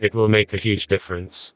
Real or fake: fake